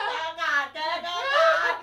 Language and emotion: Thai, happy